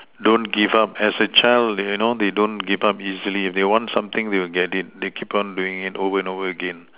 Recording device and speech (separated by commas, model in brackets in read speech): telephone, conversation in separate rooms